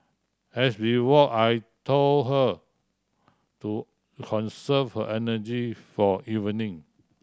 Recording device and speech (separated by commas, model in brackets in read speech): standing microphone (AKG C214), read sentence